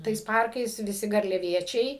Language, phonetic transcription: Lithuanian, tais ˈparkais viˈsi garliaˈviečiai

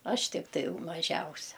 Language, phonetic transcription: Lithuanian, ˈaš tikˈtai jau maˈžiausia

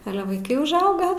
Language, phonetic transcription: Lithuanian, ˈale vaiˈkai užˈauga

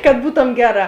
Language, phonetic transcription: Lithuanian, kad ˈbūtom ˈgeˌrā

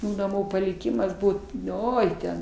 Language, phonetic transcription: Lithuanian, naˈmų paliˈkimas ˈbūt ˈoi ten

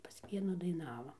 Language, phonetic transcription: Lithuanian, pas ˈvienų daiˈnava

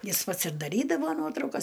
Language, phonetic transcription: Lithuanian, ˈjis ˈpats ir daˈrydavo ˈnuotraukas

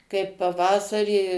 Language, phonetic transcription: Lithuanian, kaip paˈvasarį

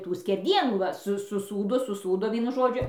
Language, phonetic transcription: Lithuanian, ˈtų skerˈdienų ˈva su suˈsūdo suˈsūdo ˈvienu ˈžodžiu

